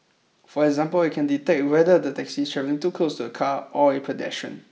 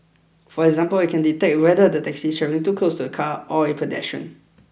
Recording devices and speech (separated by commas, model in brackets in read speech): mobile phone (iPhone 6), boundary microphone (BM630), read sentence